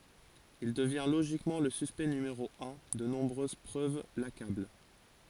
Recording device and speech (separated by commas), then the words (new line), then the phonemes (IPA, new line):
forehead accelerometer, read sentence
Il devient logiquement le suspect numéro un, de nombreuses preuves l'accablent.
il dəvjɛ̃ loʒikmɑ̃ lə syspɛkt nymeʁo œ̃ də nɔ̃bʁøz pʁøv lakabl